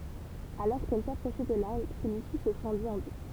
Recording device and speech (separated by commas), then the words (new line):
temple vibration pickup, read sentence
Alors qu'elles s'approchaient de l'arbre, celui-ci se fendit en deux.